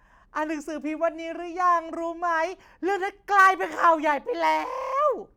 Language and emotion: Thai, happy